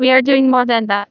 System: TTS, neural waveform model